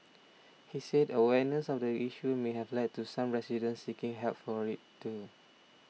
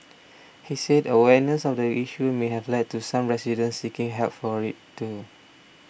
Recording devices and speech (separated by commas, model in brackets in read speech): mobile phone (iPhone 6), boundary microphone (BM630), read sentence